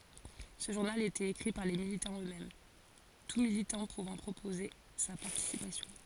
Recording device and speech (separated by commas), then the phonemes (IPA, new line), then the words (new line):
forehead accelerometer, read sentence
sə ʒuʁnal etɛt ekʁi paʁ le militɑ̃z øksmɛm tu militɑ̃ puvɑ̃ pʁopoze sa paʁtisipasjɔ̃
Ce journal était écrit par les militants eux-mêmes, tout militant pouvant proposer sa participation.